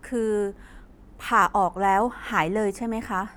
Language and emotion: Thai, frustrated